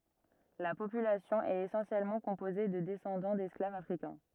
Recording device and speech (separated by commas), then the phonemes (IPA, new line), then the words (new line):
rigid in-ear microphone, read sentence
la popylasjɔ̃ ɛt esɑ̃sjɛlmɑ̃ kɔ̃poze də dɛsɑ̃dɑ̃ dɛsklavz afʁikɛ̃
La population est essentiellement composée de descendants d'esclaves africains.